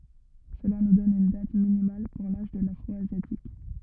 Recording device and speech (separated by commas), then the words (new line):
rigid in-ear microphone, read sentence
Cela nous donne une date minimale pour l'âge de l'Afro-asiatique.